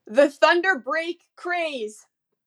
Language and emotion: English, fearful